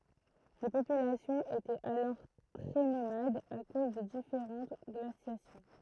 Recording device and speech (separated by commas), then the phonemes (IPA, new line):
throat microphone, read sentence
le popylasjɔ̃z etɛt alɔʁ tʁɛ nomadz a koz de difeʁɑ̃t ɡlasjasjɔ̃